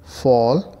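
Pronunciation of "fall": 'Fall' is pronounced correctly here.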